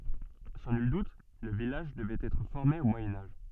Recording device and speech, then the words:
soft in-ear microphone, read sentence
Sans nul doute, le village devait être formé au Moyen Âge.

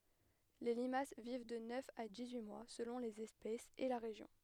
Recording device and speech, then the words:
headset microphone, read sentence
Les limaces vivent de neuf à dix-huit mois selon les espèces et la région.

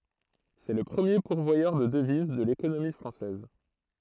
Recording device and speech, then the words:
throat microphone, read sentence
C'est le premier pourvoyeur de devises de l'économie française.

